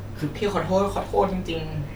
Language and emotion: Thai, sad